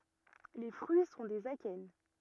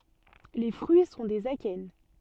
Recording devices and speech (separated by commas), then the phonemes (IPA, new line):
rigid in-ear microphone, soft in-ear microphone, read sentence
le fʁyi sɔ̃ dez akɛn